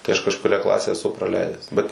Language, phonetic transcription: Lithuanian, tai aš kažkuˈrią ˈklasę eˈsu praˈleidęs bet

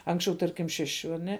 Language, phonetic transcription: Lithuanian, ˈanksčiau ˈtarkim ˈšeˌšiu aˈne

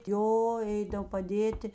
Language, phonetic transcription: Lithuanian, ˈjo ˈeidav paˈdėti

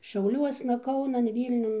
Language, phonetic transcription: Lithuanian, šiauˈliuosna ˈkaunan ˈvylniun

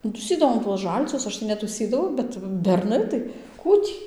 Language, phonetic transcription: Lithuanian, nu tųˈsydavom tuos ˈžalčius ˈaš tai netųˈsydavau ˈbet berˈnai tai ˈkų tį

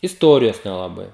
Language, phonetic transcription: Lithuanian, isˈtorijos nelaˈbai

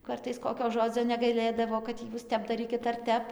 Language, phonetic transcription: Lithuanian, ˈkartais ˈkokio ˈžodzio negaiˈlėdavo kad ˈjūs ˈtep daˈrykit ar ˈtep

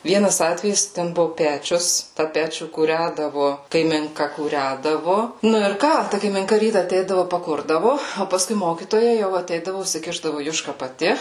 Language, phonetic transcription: Lithuanian, ˈvienas ˈatvejis ten ˈbuvu ˈpečius tą ˈpečių kūˈrædavu kaiminˈka kūˈrædavu ˈnu ir ˈką ˈta kaiminˈka ˈryta aˈteidavu paˈkurdavu o paˈskui ˈmokytoja jau aˈteidavu usiˈkišdavu ˈjuška paˈti

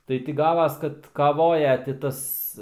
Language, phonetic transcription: Lithuanian, ˈtai ti ˈgavas ˈkad kaˈvoja ti ˈtas

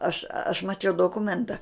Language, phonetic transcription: Lithuanian, aš aš maˈčiau doˈkumenta

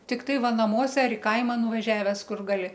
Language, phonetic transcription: Lithuanian, tikˈtai ˈva naˈmuose ar i ˈkaima nuvaˈžiaves ˈkur gaˈli

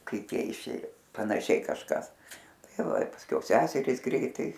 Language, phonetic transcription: Lithuanian, ˈkaip ˈjie iˈšėjo panaˈšiai kažˈkas ˈtai ˈva i pasˈkiau ˈseserys ˈgreitai

